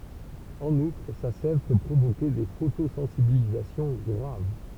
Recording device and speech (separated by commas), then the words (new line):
temple vibration pickup, read sentence
En outre, sa sève peut provoquer des photosensibilisations graves.